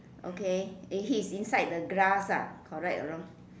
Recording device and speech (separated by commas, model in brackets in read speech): standing microphone, conversation in separate rooms